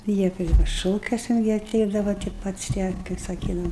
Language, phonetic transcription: Lithuanian, ˈjie ˈpri ˈšokiuosen ˈjie aˈteidava ti ˈpats tie kaip saˈkydava

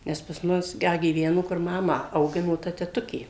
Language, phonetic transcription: Lithuanian, ˈnes pas ˈmus ˈda gyˈvenu kur ˈmamą auˈgino ta teˈtukė

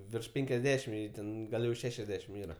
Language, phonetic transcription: Lithuanian, virš ˈpenkiasˌdešim ˈjai ˈten ˈgal jau ˈšešiasˌdešim ˈyra

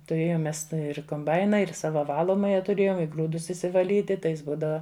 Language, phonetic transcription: Lithuanian, tuˈrėjom ˈmes ˈta ir komˈbaina ir ˈsava ˈvalomaja tuˈrėjom i ˈgrūdus išsivaˈlyti ˈtai ˈjis ˈbūdava

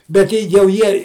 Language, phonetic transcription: Lithuanian, bet ˈtei jau ˈjie

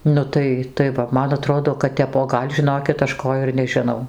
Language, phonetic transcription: Lithuanian, ˈnu tai tai ˈva ˈman aˈtrodo kad ˈtep o ˈgal' žiˈnokit ˈaš ˈko ir nežiˈnau

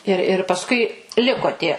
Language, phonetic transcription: Lithuanian, ir ir pasˈkui ˈliko ˈtie

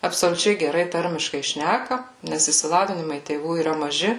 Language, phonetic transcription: Lithuanian, absoliuˈčiai geˈrai ˈtarmiškai ˈšnæka nes išsiˈlavinimai tėˈvų yˈra maˈži

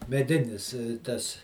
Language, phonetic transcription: Lithuanian, meˈdinis ˈtas

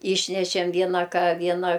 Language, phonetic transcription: Lithuanian, ˈyšnešem ˈviena ˈka ˈviena

